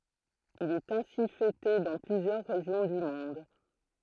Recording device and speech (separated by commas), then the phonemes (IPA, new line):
throat microphone, read sentence
il ɛt ɛ̃si fɛte dɑ̃ plyzjœʁ ʁeʒjɔ̃ dy mɔ̃d